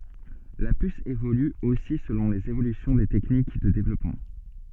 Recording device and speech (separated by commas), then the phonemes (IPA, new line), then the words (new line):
soft in-ear microphone, read sentence
la pys evoly osi səlɔ̃ lez evolysjɔ̃ de tɛknik də devlɔpmɑ̃
La puce évolue aussi selon les évolutions des techniques de développement.